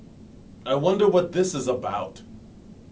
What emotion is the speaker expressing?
disgusted